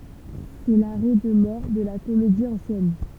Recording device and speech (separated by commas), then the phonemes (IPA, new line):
temple vibration pickup, read sentence
sɛ laʁɛ də mɔʁ də la komedi ɑ̃sjɛn